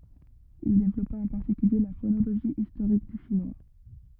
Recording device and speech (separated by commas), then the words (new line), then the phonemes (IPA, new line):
rigid in-ear microphone, read sentence
Il développa en particulier la phonologie historique du chinois.
il devlɔpa ɑ̃ paʁtikylje la fonoloʒi istoʁik dy ʃinwa